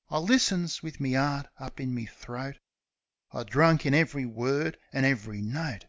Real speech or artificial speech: real